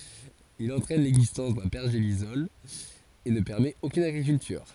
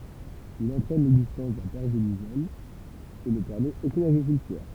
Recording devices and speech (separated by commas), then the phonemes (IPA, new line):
forehead accelerometer, temple vibration pickup, read sentence
il ɑ̃tʁɛn lɛɡzistɑ̃s dœ̃ pɛʁʒelisɔl e nə pɛʁmɛt okyn aɡʁikyltyʁ